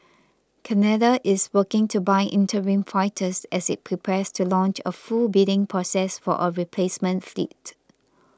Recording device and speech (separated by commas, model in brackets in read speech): close-talking microphone (WH20), read sentence